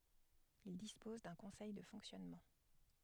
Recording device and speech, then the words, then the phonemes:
headset microphone, read sentence
Il dispose d’un conseil de fonctionnement.
il dispɔz dœ̃ kɔ̃sɛj də fɔ̃ksjɔnmɑ̃

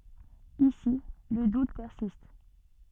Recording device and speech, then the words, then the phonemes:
soft in-ear microphone, read sentence
Ici, le doute persiste.
isi lə dut pɛʁsist

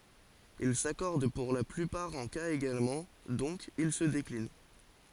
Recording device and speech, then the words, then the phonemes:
forehead accelerometer, read sentence
Il s'accordent pour la plupart en cas également, donc ils se déclinent.
il sakɔʁd puʁ la plypaʁ ɑ̃ kaz eɡalmɑ̃ dɔ̃k il sə deklin

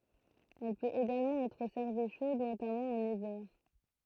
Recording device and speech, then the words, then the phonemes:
throat microphone, read sentence
Elle peut également être servie chaude notamment en hiver.
ɛl pøt eɡalmɑ̃ ɛtʁ sɛʁvi ʃod notamɑ̃ ɑ̃n ivɛʁ

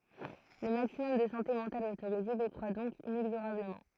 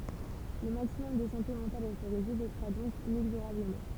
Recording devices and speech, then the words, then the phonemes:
throat microphone, temple vibration pickup, read sentence
Le maximum de santé mentale autorisé décroit donc inexorablement.
lə maksimɔm də sɑ̃te mɑ̃tal otoʁize dekʁwa dɔ̃k inɛɡzoʁabləmɑ̃

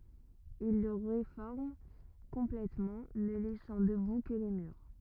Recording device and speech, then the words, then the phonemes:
rigid in-ear microphone, read sentence
Il le réforme complètement ne laissant debout que les murs.
il lə ʁefɔʁm kɔ̃plɛtmɑ̃ nə lɛsɑ̃ dəbu kə le myʁ

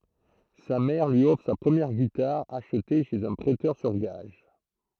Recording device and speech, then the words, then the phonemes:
throat microphone, read sentence
Sa mère lui offre sa première guitare, achetée chez un prêteur sur gages.
sa mɛʁ lyi ɔfʁ sa pʁəmjɛʁ ɡitaʁ aʃte ʃez œ̃ pʁɛtœʁ syʁ ɡaʒ

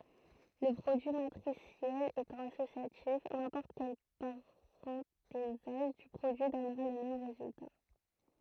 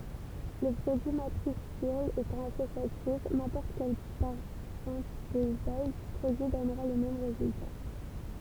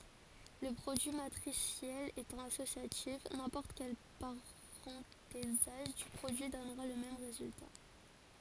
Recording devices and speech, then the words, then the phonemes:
throat microphone, temple vibration pickup, forehead accelerometer, read sentence
Le produit matriciel étant associatif, n'importe quel parenthésage du produit donnera le même résultat.
lə pʁodyi matʁisjɛl etɑ̃ asosjatif nɛ̃pɔʁt kɛl paʁɑ̃tezaʒ dy pʁodyi dɔnʁa lə mɛm ʁezylta

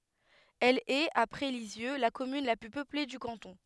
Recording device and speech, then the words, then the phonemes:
headset microphone, read sentence
Elle est, après Lisieux, la commune la plus peuplée du canton.
ɛl ɛt apʁɛ lizjø la kɔmyn la ply pøple dy kɑ̃tɔ̃

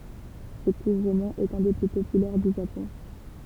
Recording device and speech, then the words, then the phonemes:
temple vibration pickup, read sentence
Ce court roman est un des plus populaires du Japon.
sə kuʁ ʁomɑ̃ ɛt œ̃ de ply popylɛʁ dy ʒapɔ̃

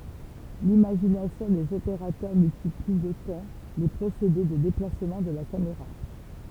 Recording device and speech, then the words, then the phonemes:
temple vibration pickup, read sentence
L’imagination des opérateurs multiplie d’autant les procédés de déplacement de la caméra.
limaʒinasjɔ̃ dez opeʁatœʁ myltipli dotɑ̃ le pʁosede də deplasmɑ̃ də la kameʁa

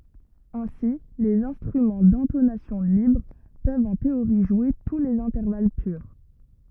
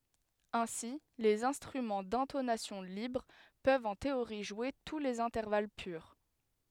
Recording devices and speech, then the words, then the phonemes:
rigid in-ear microphone, headset microphone, read sentence
Ainsi les instruments d'intonation libre peuvent en théorie jouer tous les intervalles purs.
ɛ̃si lez ɛ̃stʁymɑ̃ dɛ̃tonasjɔ̃ libʁ pøvt ɑ̃ teoʁi ʒwe tu lez ɛ̃tɛʁval pyʁ

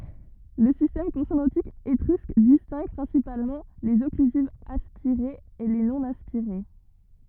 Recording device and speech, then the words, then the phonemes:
rigid in-ear microphone, read sentence
Le système consonantique étrusque distingue principalement les occlusives aspirées et les non-aspirées.
lə sistɛm kɔ̃sonɑ̃tik etʁysk distɛ̃ɡ pʁɛ̃sipalmɑ̃ lez ɔklyzivz aspiʁez e le nonaspiʁe

